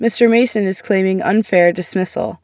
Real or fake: real